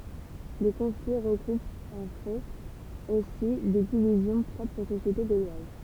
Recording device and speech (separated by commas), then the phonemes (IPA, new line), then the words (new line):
temple vibration pickup, read sentence
lə kɔ̃fli ʁəkup ɑ̃ fɛt osi de divizjɔ̃ pʁɔpʁz o sosjete ɡolwaz
Le conflit recoupe en fait aussi des divisions propres aux sociétés gauloises.